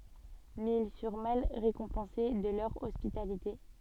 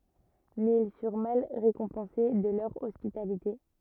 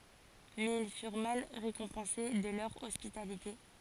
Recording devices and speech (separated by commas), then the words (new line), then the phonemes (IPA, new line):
soft in-ear microphone, rigid in-ear microphone, forehead accelerometer, read sentence
Mais ils furent mal récompensés de leur hospitalité.
mɛz il fyʁ mal ʁekɔ̃pɑ̃se də lœʁ ɔspitalite